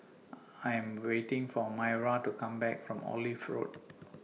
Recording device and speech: mobile phone (iPhone 6), read sentence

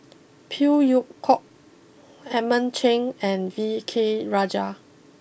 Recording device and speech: boundary microphone (BM630), read sentence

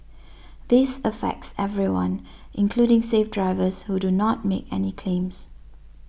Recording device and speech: boundary microphone (BM630), read sentence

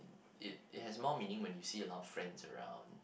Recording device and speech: boundary microphone, conversation in the same room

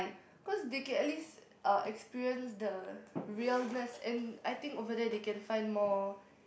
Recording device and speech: boundary microphone, conversation in the same room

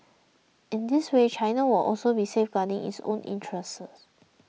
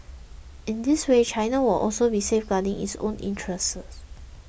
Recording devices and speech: mobile phone (iPhone 6), boundary microphone (BM630), read sentence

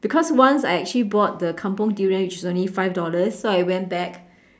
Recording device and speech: standing microphone, conversation in separate rooms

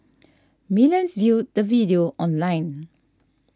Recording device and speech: standing microphone (AKG C214), read sentence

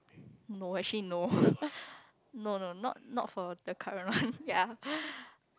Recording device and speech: close-talking microphone, conversation in the same room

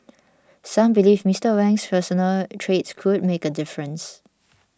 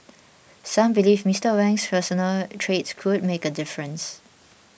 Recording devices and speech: standing microphone (AKG C214), boundary microphone (BM630), read sentence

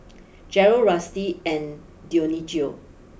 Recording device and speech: boundary microphone (BM630), read sentence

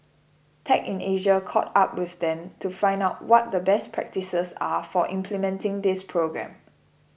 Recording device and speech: boundary microphone (BM630), read sentence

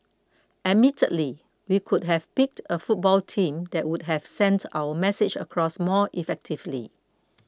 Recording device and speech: close-talking microphone (WH20), read sentence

